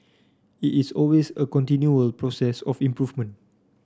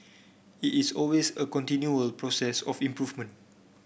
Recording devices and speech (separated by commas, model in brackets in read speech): standing microphone (AKG C214), boundary microphone (BM630), read sentence